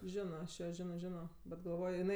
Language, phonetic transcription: Lithuanian, ˈžino aš ˈjo ˈžino ˈžino bet galˈvojo jiˈnai

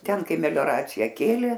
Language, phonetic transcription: Lithuanian, ˈten ˈkai melioˈracija ˈkėlė

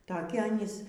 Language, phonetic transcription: Lithuanian, taˈki ˈanys

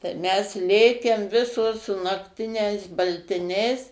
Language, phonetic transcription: Lithuanian, tai ˈmes ˈlėkem ˈvisos su nakˈtiniais baltiˈniais

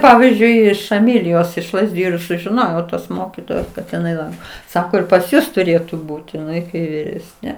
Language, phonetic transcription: Lithuanian, ˈpavyzdžiui iš eˈmilijos iš lazˈdiju ir sužiˈnojau tos ˈmokytojos kad iˈnai ˈlanko ˈsako ir pas ˈjus tuˈrėtu ˈbūti iˈnai kai viˈresne

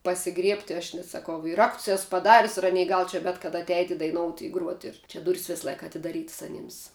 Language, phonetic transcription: Lithuanian, pasiˈgriebti aš nes saˈkau ir ˈrakts ˈes paˈdarius i ˈanei ˈgal čia ˈbet kada atˈeiti daiˈnouti i ˈgruoti ir ˈčia ˈdurys vis ˈlaika atidaˈrytas aˈnyms

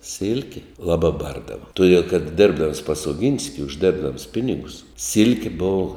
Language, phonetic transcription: Lithuanian, ˈsilki ˈlabā ˈbardava tuˈdiel kad ˈdėrbdams pas oˈginski užˈdėrbdams ˈpinigus ˈsilkė ˈbovu

